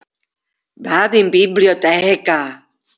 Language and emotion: Italian, surprised